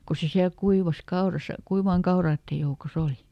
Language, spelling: Finnish, kun se siellä kuivasi kaurassa kuivien kaurojen joukossa oli
- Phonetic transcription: ku ˈse siäl ˈkuivas ˈkaorasa , ˈkuivaaŋ "kaoraattej joukoˈs ‿oli .

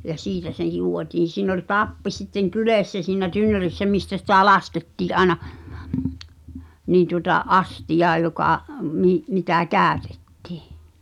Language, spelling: Finnish, ja siitä se juotiin siinä oli tappi sitten kyljessä siinä tynnyrissä mistä sitä laskettiin aina niin tuota astiaan joka - mitä käytti
- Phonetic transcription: ja 'siitä se 'jù̳ò̳tiin̬ siin ‿oĺ "tappi sitteŋ "kylèssä siinä "tynnörissä mistä sitä̀ "laskettii’ ’aĕna , niin̬ tuŏta , "’astijaa jokà , mi- , mitä "kä̀ötᴇttɪ̀ .

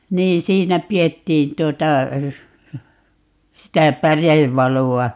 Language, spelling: Finnish, niin siinä pidettiin tuota sitä pärevaloa
- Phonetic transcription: 'niin 'siinä 'pi₍ettiin 'tuota , 'sitä "pärevvalu₍a .

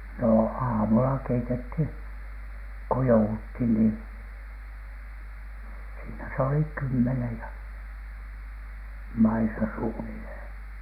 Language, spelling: Finnish, no aamulla keitettiin kun jouduttiin niin siinä se oli kymmenen ja maissa suunnilleen
- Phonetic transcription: nò "aamula 'keitethiN , ko 'jou₍uthin ni , siinä se oli "kymmenej ja , 'maisa suunilhèN .

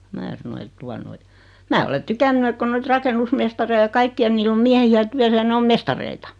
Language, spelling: Finnish, minä sanoin että tuota noin minä olen tykännyt että kun noita rakennusmestareita ja kaikkia niillä on miehiä työssä ja ne on mestareita
- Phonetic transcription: 'mää sano et » 'tua noi , 'mää ole 'tykänny et ko 'noit "rakennusmestarei ja 'kaikki₍a 'niill ‿om 'miähi₍ä 'tyäsä ja 'ne om "mestareita .

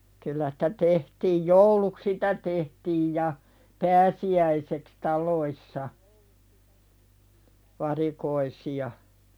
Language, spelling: Finnish, kyllä sitä tehtiin jouluksi sitä tehtiin ja pääsiäiseksi taloissa varikoisia
- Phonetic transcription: kyllä sɪtä 'tehtiij "jouluk 'sitä tehtiij ja , "pääsi₍äiseks 'tal̀oissa , varikoisi₍a .

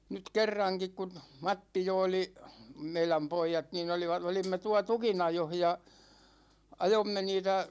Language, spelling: Finnish, nyt kerrankin kun Matti jo oli meidän pojat niin - olimme tuolla tukinajossa ja ajoimme niitä
- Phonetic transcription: 'nyt̳§ "kerraŋkik kun , 'Matti jo oli , 'meiläm "poijat nin ‿oli(va-) , 'olimme 'tua "tukinajoh ja , 'ajomme 'niitä ,.

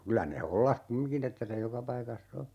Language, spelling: Finnish, kyllä ne hollasi kumminkin että se joka paikassa on
- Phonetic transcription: 'kylä ne 'hollah "kummiŋki'n ‿että se 'joka paikas"s ‿o .

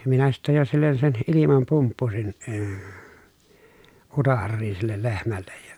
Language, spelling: Finnish, minä sitten jo sille sen ilman pumppusin - utareisiin sille lehmälle ja
- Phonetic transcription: minä sittej jo sillen sen ʼilimam pumppusin , əə , utarriin̬ sillel lehmällej ja .

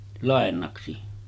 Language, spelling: Finnish, lainaksi
- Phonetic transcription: 'làennaksi .

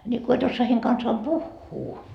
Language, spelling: Finnish, niin kun et osaa heidän kanssaan puhua
- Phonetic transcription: ńi ko e't ‿ossoa heiŋ kansaam "puhhuu .

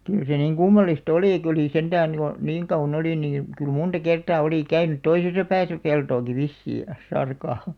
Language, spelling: Finnish, kyllä se niin kummallista oli kun oli sentään jo niin kauan oli niin kyllä monta kertaa oli käynyt toisessa päässä peltoakin vissiin ja sarka
- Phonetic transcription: 'kyl se niŋ "kummallis't ‿olì kᵒ̤ olì 'sentään jo , "niiŋ 'kaᵘv̆§va"n ‿olì nii , kyl 'munta 'kertaa oli 'käynyt "toisesa pääsä 'peltooki "vissii jas̆§ 'sarkà .

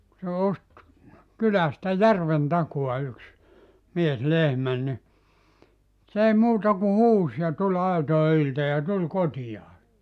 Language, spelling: Finnish, kun se osti kylästä järven takaa yksi mies lehmän niin se ei muuta kuin huusi ja tuli aitojen ylitse ja tuli kotiinsa
- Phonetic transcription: ku se 'ost , 'kylästä "järven 'takua yks , 'mies "lehmän ni , 's ‿ei 'muuta ku "huus ja 'tuĺ 'aitoe ylte ja 'tul "kotijaa .

